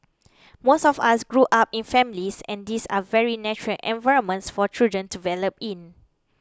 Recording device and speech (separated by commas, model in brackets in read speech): close-talking microphone (WH20), read sentence